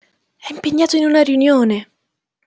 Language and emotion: Italian, surprised